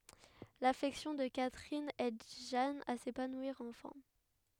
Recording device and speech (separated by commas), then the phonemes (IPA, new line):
headset microphone, read sentence
lafɛksjɔ̃ də katʁin ɛd ʒan a sepanwiʁ ɑ̃fɛ̃